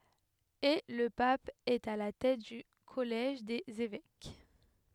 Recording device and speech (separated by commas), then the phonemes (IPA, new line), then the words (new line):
headset microphone, read sentence
e lə pap ɛt a la tɛt dy kɔlɛʒ dez evɛk
Et le Pape est à la tête du collège des évêques.